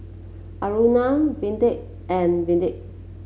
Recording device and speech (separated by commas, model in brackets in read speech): mobile phone (Samsung C7), read sentence